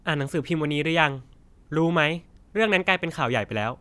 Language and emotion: Thai, frustrated